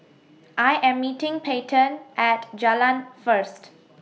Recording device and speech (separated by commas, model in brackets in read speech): mobile phone (iPhone 6), read sentence